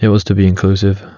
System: none